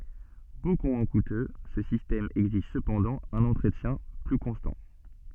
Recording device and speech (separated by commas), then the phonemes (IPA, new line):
soft in-ear microphone, read sentence
boku mwɛ̃ kutø sə sistɛm ɛɡziʒ səpɑ̃dɑ̃ œ̃n ɑ̃tʁətjɛ̃ ply kɔ̃stɑ̃